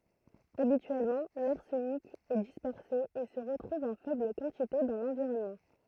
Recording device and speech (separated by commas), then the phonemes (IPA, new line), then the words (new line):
throat microphone, read sentence
abityɛlmɑ̃ laʁsənik ɛ dispɛʁse e sə ʁətʁuv ɑ̃ fɛbl kɑ̃tite dɑ̃ lɑ̃viʁɔnmɑ̃
Habituellement, l’arsenic est dispersé et se retrouve en faible quantité dans l’environnement.